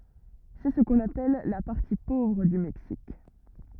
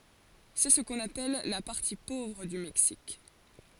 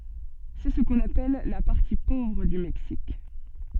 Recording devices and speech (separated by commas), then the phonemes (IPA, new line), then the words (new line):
rigid in-ear microphone, forehead accelerometer, soft in-ear microphone, read sentence
sɛ sə kɔ̃n apɛl la paʁti povʁ dy mɛksik
C'est ce qu'on appelle la partie pauvre du Mexique.